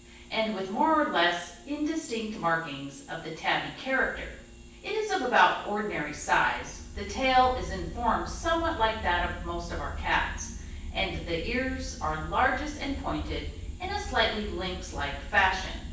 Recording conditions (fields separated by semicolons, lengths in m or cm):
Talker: one person; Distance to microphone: 9.8 m; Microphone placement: far; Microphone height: 1.8 m; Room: large; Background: none